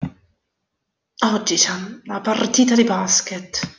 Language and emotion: Italian, angry